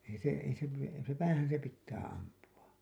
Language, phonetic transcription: Finnish, ei se , ei se (piʲä) , ei se , 'päähän se pittä 'ampu₍A .
- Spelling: ei se ei se pidä ei se päähän se pitää ampua

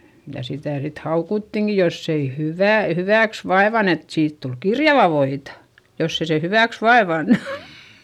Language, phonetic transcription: Finnish, ja sitä̀ sit haukuttiŋki joss ‿ei hyvä̀- , hyvä̀ks vaevan ‿et siit tul kirjava voita , joss ‿ei se hyvä̀ks vaevannU .
- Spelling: ja sitä sitten haukuttiinkin jos ei - hyväksi vaivannut että siitä tuli kirjavaa voita jos ei se hyväksi vaivannut

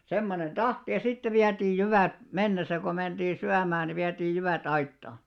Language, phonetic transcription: Finnish, 'semmonen "ᴅahti ja 'sitte viätiij 'jyvä̀t , 'mennesä ko menᴅii "syämää ni viätiij̆ 'jyvä"t ‿aitta .
- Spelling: semmoinen tahti ja sitten vietiin jyvät mennessä kun mentiin syömään niin vietiin jyvät aittaan

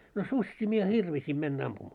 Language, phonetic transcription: Finnish, no "suśśii mie "hirvisim mennä 'ampumaa .
- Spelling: no susia minä hirvisin mennä ampumaan

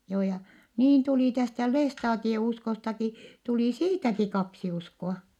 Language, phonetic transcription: Finnish, joo ja , niin tulì tästä lestaatie₍uskostaki , tulì siitäki kaksi usko₍a .
- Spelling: joo ja niin tuli tästä lestadiouskostakin tuli siitäkin kaksi uskoa

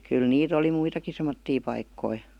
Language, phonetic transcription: Finnish, 'kyl 'niit ‿oli "muitaki semottii 'paikkoi .
- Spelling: kyllä niitä oli muitakin semmoisia paikkoja

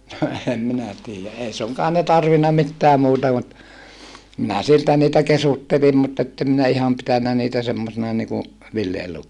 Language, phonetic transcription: Finnish, no ehem minä tiijä , ʼei suŋkaan ne tarvinna mittää muuta mut , minä siltä niitä kesuttelim mutt ‿ettem minä iham pitännä niitä semmosina niku , villi₍elukkoina .
- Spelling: no en minä tiedä ei suinkaan ne tarvinnut mitään muuta mutta minä siltä niitä kesyttelin mutta että en minä ihan pitänyt niitä semmoisina niin kuin villielukoina

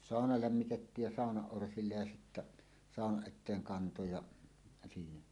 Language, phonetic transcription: Finnish, 'sàona 'lämmitettiij ja 'sàonaˀ 'ˀorsillej ja sittä , 'sàonaˀ ˀet̆teeŋ 'kanto ja , siinä .
- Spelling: sauna lämmitettiin ja saunan orsille ja sitten saunan eteen kantoi ja siinä

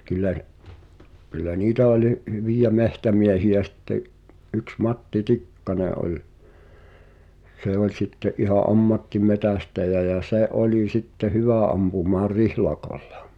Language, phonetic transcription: Finnish, kyl̆lä , kyllä "niitä olⁱ , hyvijä "mehtämiehi₍ä sⁱtte’ , ’yks 'Matti "Tikkane ’oĺ , 'se ‿oĺ sitte’ ’iha "’ammattimetästäjä jä 'se̬ "’oli 'sitte "hyvä̀ ampumaar "rihlakᴏʟʟᴀ .
- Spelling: kyllä kyllä niitä oli hyviä metsämiehiä sitten yksi Matti Tikkanen oli se oli sitten ihan ammattimetsästäjä ja se oli sitten hyvä ampumaan rihlakolla

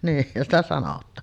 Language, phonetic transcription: Finnish, 'niihhän ‿stä sanot̀aan .
- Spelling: niinhän sitä sanotaan

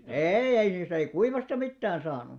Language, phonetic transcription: Finnish, eei ei niist ‿ei "kuivasta 'mittään 'saanu .
- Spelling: ei ei niistä ei kuivasta mitään saanut

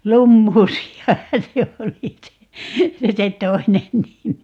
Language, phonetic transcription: Finnish, "lummuusi₍ahan̬ 'se oli 'se , 'se "toinen 'nimi .
- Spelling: lumuusiahan se oli se se toinen nimi

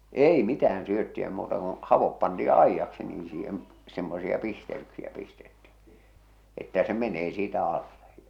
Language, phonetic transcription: Finnish, 'ei 'mitä₍än 'syötti₍ä muuta koo̰ , havop pantii 'aijjaksi nii siihem , semmosia 'pistel̬yksiä pistetti , että se 'menee siitä 'alle .
- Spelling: ei mitään syöttiä muuta kuin havut pantiin aidaksi niin siihen semmoisia pistelyksiä pistettiin että se menee siitä alle

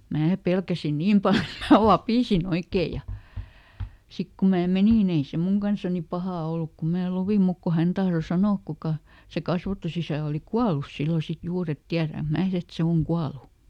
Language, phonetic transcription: Finnish, ˈmää ˈpelkäsi "niim pal eᵗ mää "vapìsiˈn ‿oikee ja , ˈsik ku mää ˈmenì nⁱ ei se "muŋ kansani ˈpahà oluk ku mää ˈluvim muk ku hän ˈtahro ˈsanook kuka , - se ˈkasvatusisä̀ oli "kualus ˈsillo sit ˈjuur ‿et ˈtiäräŋk ˈmää et ˈse oŋ "kualu .
- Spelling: minä pelkäsin niin paljon että minä vapisin oikein ja sitten kun minä menin niin ei se minun kanssani paha ollut kun minä luin mutta kun hän tahtoi sanoa kuka se kasvatusisä oli kuollut silloin sitten juuri että tiedänkö minä että se on kuollut

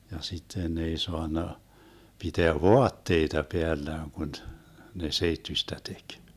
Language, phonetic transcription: Finnish, ja 'sitten ne 'ei 'soanna , 'piteä "voatteita 'peällään kun , ne 'seittyśtä tek .
- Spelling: ja sitten ne ei saanut pitää vaatteita päällään kun ne seittyistä teki

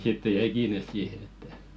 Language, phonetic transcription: Finnish, sitte 'jɛi 'kiines "siihe ettᴀ̈ ,.
- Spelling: sitten jäi kiinni siihen että

